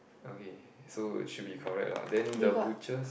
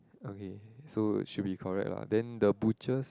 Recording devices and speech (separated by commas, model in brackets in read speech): boundary microphone, close-talking microphone, conversation in the same room